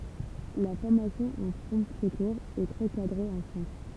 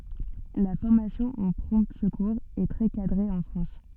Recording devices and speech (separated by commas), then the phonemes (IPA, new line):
temple vibration pickup, soft in-ear microphone, read sentence
la fɔʁmasjɔ̃ o pʁɔ̃ səkuʁz ɛ tʁɛ kadʁe ɑ̃ fʁɑ̃s